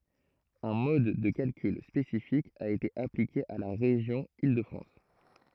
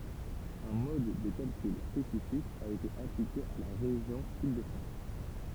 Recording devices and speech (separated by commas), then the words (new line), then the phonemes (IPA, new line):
throat microphone, temple vibration pickup, read sentence
Un mode de calcul spécifique a été appliqué à la région Île-de-France.
œ̃ mɔd də kalkyl spesifik a ete aplike a la ʁeʒjɔ̃ il də fʁɑ̃s